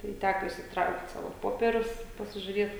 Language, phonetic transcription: Lithuanian, tai ˈtæko išsitˈraukt ˈsavo ˈpopierius i pasižiuriet

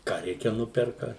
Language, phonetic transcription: Lithuanian, ką ˈreikia ˈnuperka

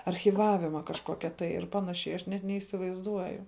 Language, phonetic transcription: Lithuanian, archyˈvavima kažˈkokia tai ir ˈpanašiai aš ˈnet neįsivaizˈduoju

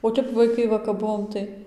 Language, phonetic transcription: Lithuanian, o ˈtep vaiˈkai ˈva kap ˈbuvom tai

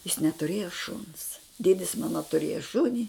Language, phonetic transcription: Lithuanian, jis netuˈrėjo šuns ˈdėdis ˈmana tuˈrėja ˈšuni

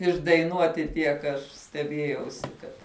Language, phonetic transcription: Lithuanian, išdaiˈnuoti tiek aš steˈbiejausi kad

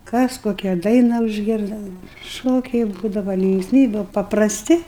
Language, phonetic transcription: Lithuanian, ˈkas ˈkokia ˈdaina užˈgirda ˈšokiai ˈbūdava linksˈmybiu paprasˈti

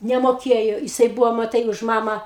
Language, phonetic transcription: Lithuanian, nemoˈkėjo jiˈsai ˈbuvo maˈtai už ˈmamą

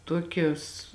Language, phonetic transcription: Lithuanian, ˈtokios

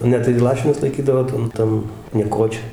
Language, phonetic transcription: Lithuanian, ˈne tai ˈlašinus laiˈkydavo ˈtan ˈtan nieˈkočioj

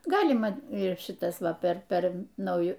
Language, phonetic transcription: Lithuanian, ˈgalima ir ˈšitas ˈva per ˈper nauˈju

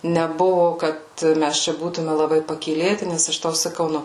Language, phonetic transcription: Lithuanian, neˈbuvo ˈkad ˈmæs ˈčia ˈbūtume laˈbai pakyˈlėti ˈnes aš ˈtau saˈkau ˈnu

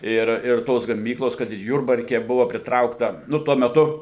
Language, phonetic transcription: Lithuanian, ˈir ir ˈtos gaˈmyklos kad ir ˈjurbarke ˈbuva pritˈraukta ˈnu ˈtuo meˈtu

